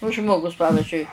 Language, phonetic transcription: Lithuanian, o ˈžmogus ˈpavizdžiui

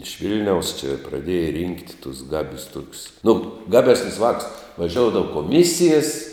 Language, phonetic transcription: Lithuanian, iš ˈvil'niaus či praˈdėja rynkt' tuos ˈgabius ˈtokius nu ˈgaˌbesnius ˈvākus vaˈžioudava koˈmisijas

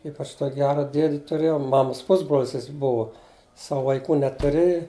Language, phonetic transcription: Lithuanian, ˈypač tok' ˈgera ˈdiedi tuˈrėjau ˈmamas ˈpusbrol's' ˈjis ˈbuva ˈsavu vaiˈkų netuˈriji

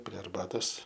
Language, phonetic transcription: Lithuanian, prie arˈbatos

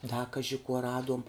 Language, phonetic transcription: Lithuanian, da ˈkaži kuo ˈraduom

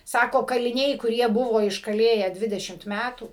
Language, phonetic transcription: Lithuanian, ˈsako kaliˈniai kuˈrie ˈbuvo iškaˈlėję ˈdvidešimt ˈmætų

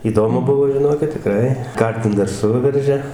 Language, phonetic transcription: Lithuanian, įˈdomu ˈbuvo žiˈnokit tiˈkrai ˈkartim dar ˈsuveržia

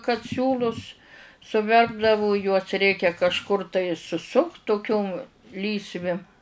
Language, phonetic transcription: Lithuanian, kad ˈsiūlus suˈverpdavu juos ˈreikia kažˈkur tai suˈsukt tuˈkium ˈlysvi

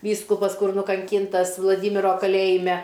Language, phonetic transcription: Lithuanian, ˈvyskupas ˈkur nukanˈkyntas vlaˈdymiro kaˈlėjime

